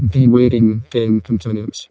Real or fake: fake